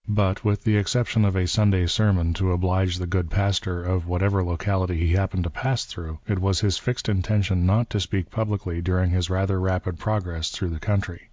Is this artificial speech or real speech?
real